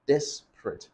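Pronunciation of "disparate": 'Disparate' is said in two syllables.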